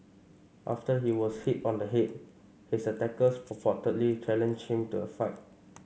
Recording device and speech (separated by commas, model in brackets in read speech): mobile phone (Samsung C5), read sentence